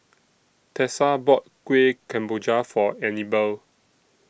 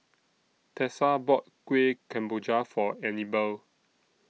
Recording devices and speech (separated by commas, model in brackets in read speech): boundary microphone (BM630), mobile phone (iPhone 6), read sentence